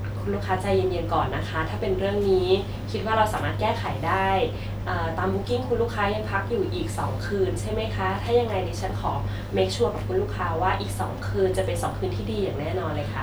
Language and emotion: Thai, neutral